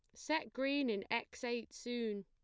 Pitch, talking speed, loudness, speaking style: 240 Hz, 175 wpm, -39 LUFS, plain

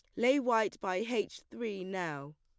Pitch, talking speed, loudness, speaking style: 205 Hz, 165 wpm, -34 LUFS, plain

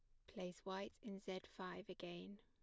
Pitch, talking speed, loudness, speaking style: 190 Hz, 170 wpm, -52 LUFS, plain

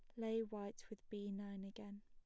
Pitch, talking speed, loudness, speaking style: 205 Hz, 195 wpm, -48 LUFS, plain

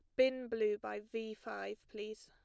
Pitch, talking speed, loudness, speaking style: 220 Hz, 175 wpm, -39 LUFS, plain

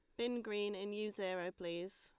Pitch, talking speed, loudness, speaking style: 205 Hz, 200 wpm, -42 LUFS, Lombard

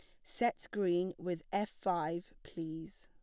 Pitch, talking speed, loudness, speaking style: 175 Hz, 130 wpm, -37 LUFS, plain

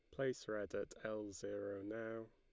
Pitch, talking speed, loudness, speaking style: 105 Hz, 170 wpm, -46 LUFS, Lombard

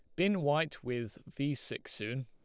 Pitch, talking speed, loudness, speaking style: 140 Hz, 175 wpm, -35 LUFS, Lombard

